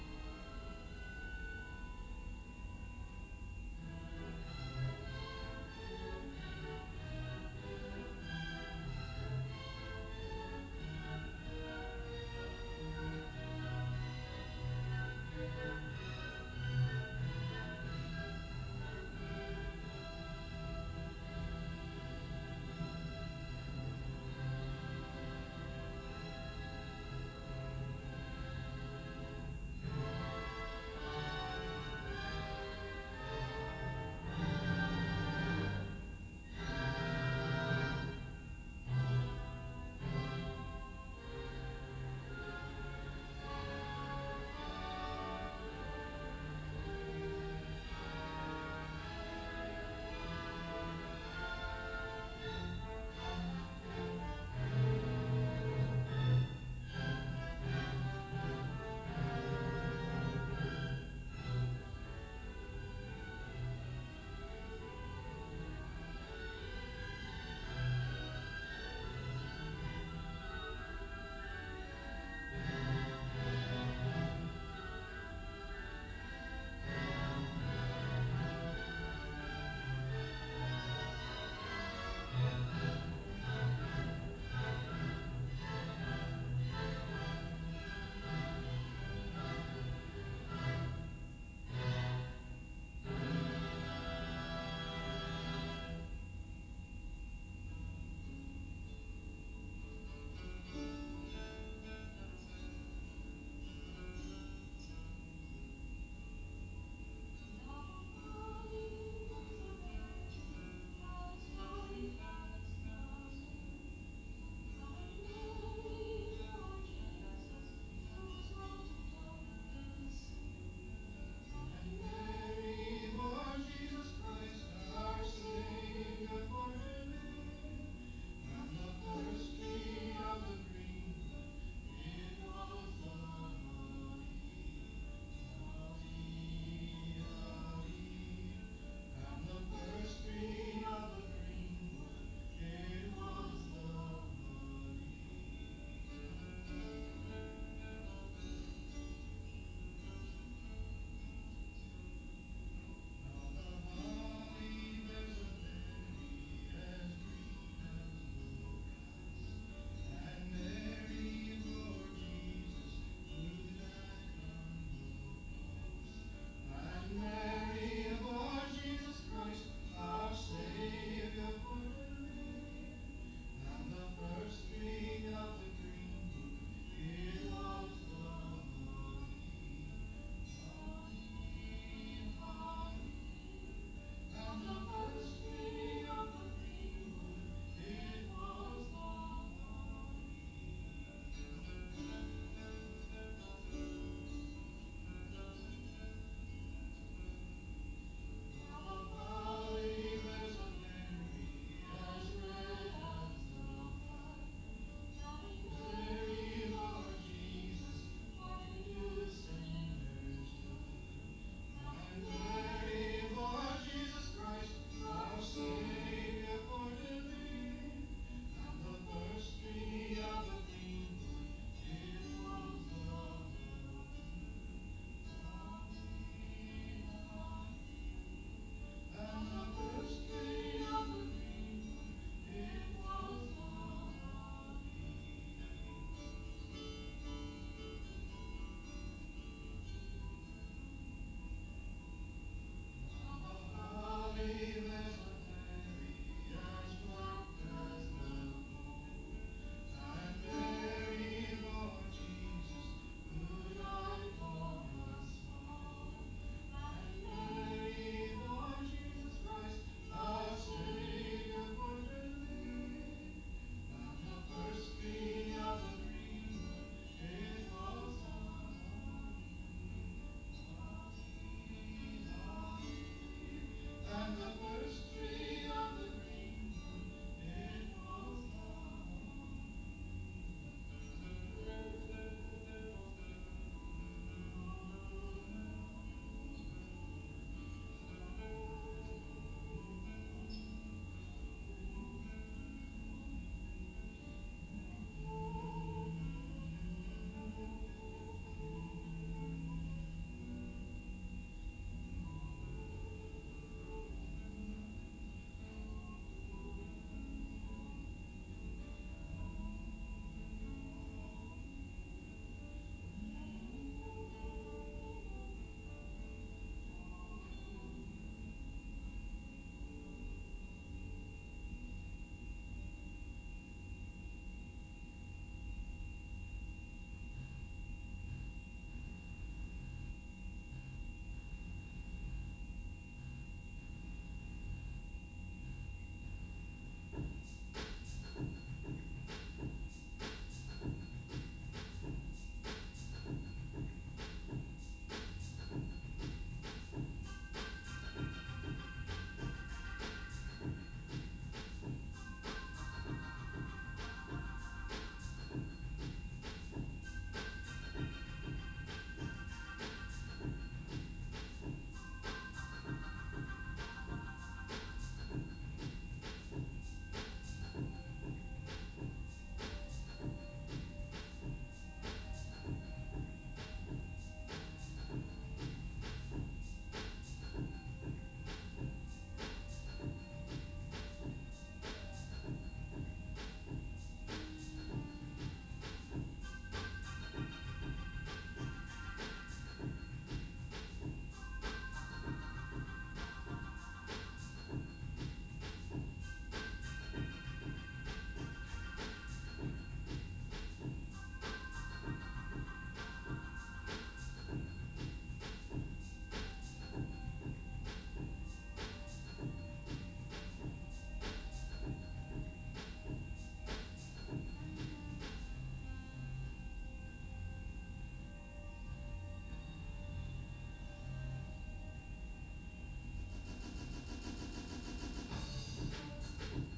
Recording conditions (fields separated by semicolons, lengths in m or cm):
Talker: no one; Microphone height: 1.0 m; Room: large; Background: music